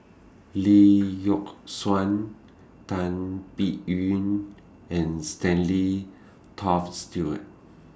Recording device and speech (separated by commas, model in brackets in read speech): standing microphone (AKG C214), read sentence